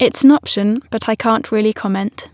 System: none